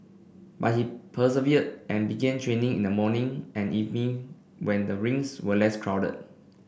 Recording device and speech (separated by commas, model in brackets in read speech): boundary microphone (BM630), read sentence